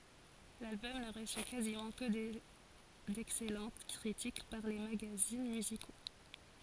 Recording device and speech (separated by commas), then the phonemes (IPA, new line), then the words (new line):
forehead accelerometer, read sentence
lalbɔm nə ʁəsy kazimɑ̃ kə dɛksɛlɑ̃t kʁitik paʁ le maɡazin myziko
L'album ne reçut quasiment que d'excellentes critiques par les magazines musicaux.